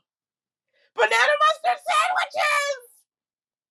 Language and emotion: English, surprised